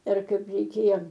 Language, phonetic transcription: Lithuanian, ˈir ˈkaip reiˈkėjo

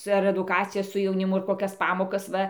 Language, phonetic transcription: Lithuanian, ar eduˈkacijas su jauniˈmu ar koˈkias ˈpamokas ˈva

